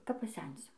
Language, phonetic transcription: Lithuanian, kap paˈsensiu

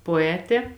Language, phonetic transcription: Lithuanian, poˈetė

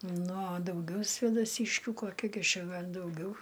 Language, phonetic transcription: Lithuanian, nu a dauˈgiau svėdaˈsyškių koˈki gi ˈčia ˈgal' dauˈgiau

